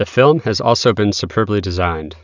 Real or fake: real